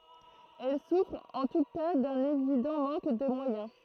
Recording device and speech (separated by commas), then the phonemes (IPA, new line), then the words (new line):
throat microphone, read sentence
ɛl sufʁt ɑ̃ tu ka dœ̃n evidɑ̃ mɑ̃k də mwajɛ̃
Elles souffrent en tout cas d’un évident manque de moyens.